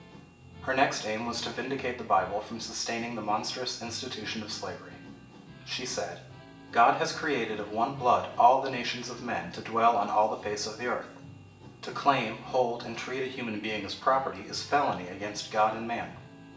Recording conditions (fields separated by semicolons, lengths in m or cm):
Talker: one person; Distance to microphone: 1.8 m; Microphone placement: close; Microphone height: 1.0 m; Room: large; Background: music